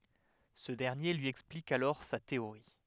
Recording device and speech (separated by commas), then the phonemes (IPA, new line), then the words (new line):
headset microphone, read sentence
sə dɛʁnje lyi ɛksplik alɔʁ sa teoʁi
Ce dernier lui explique alors sa théorie.